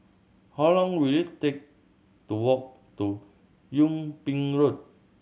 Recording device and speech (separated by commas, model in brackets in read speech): mobile phone (Samsung C7100), read sentence